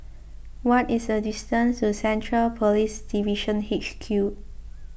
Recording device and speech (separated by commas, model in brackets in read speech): boundary microphone (BM630), read sentence